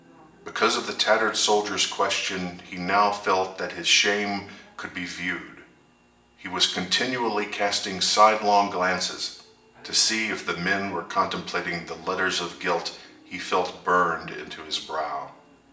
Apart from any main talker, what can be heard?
A television.